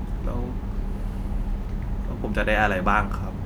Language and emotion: Thai, frustrated